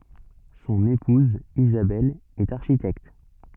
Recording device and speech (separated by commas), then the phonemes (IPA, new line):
soft in-ear microphone, read sentence
sɔ̃n epuz izabɛl ɛt aʁʃitɛkt